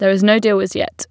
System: none